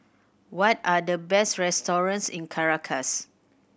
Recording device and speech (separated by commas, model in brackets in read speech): boundary microphone (BM630), read sentence